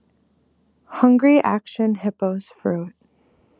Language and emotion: English, sad